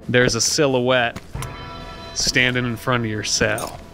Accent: southern accent